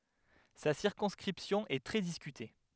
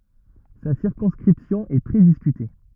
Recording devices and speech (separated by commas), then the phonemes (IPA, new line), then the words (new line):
headset microphone, rigid in-ear microphone, read sentence
sa siʁkɔ̃skʁipsjɔ̃ ɛ tʁɛ diskyte
Sa circonscription est très discutée.